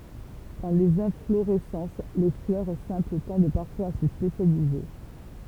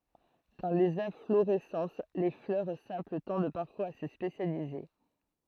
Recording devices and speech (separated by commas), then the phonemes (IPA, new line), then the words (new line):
temple vibration pickup, throat microphone, read sentence
dɑ̃ lez ɛ̃floʁɛsɑ̃s le flœʁ sɛ̃pl tɑ̃d paʁfwaz a sə spesjalize
Dans les inflorescences, les fleurs simples tendent parfois à se spécialiser.